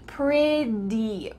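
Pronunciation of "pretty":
'Pretty' is said the American way: the t in the middle sounds like a d.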